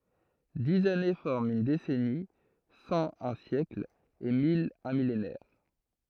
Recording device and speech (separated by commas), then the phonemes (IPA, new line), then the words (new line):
throat microphone, read sentence
diz ane fɔʁmt yn desɛni sɑ̃ œ̃ sjɛkl e mil œ̃ milenɛʁ
Dix années forment une décennie, cent un siècle et mille un millénaire.